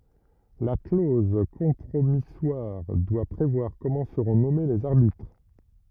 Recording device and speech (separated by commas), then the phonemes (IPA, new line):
rigid in-ear microphone, read sentence
la kloz kɔ̃pʁomiswaʁ dwa pʁevwaʁ kɔmɑ̃ səʁɔ̃ nɔme lez aʁbitʁ